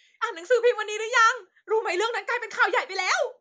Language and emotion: Thai, happy